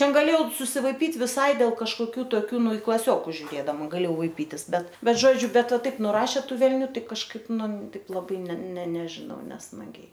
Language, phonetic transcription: Lithuanian, ˈten gaˈlėjau susivaiˈpyt' viˈsai dėl kažkoˈkių toˈkių ˈnu i klaˈsiokus žiuˈrėdama gaˈlėjau vaiˈpytis ˈbet ˈbet ˈžodžiu ˈbet ˈva ˈtaip nuˈrašė ˈtų velˈnių ˈtai kažˈkaip ˈnu ˈtaip laˈbai ne ne nežiˈnau nesmaˈgiai

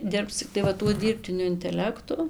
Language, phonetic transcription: Lithuanian, ˈdirbs cikˈtai va ˈtuo ˈdyrbtiniu inteˈlektu

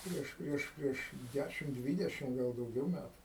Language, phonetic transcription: Lithuanian, ˈprieš ˈprieš ˈprieš ˈdæšim ˈdvydešim ˈgal dauˈgiau ˈmætu

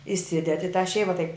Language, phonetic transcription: Lithuanian, iˈsidedi i tą ˈšeiva taip

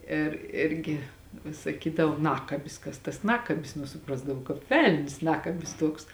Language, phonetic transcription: Lithuanian, ir ˈirgi vis saˈkydavo ˈnakabis ˈkas tas ˈnakabis ˈnu suˈprasdavau kāp ˈvel'n's' ˈnakabis ˈtuoks

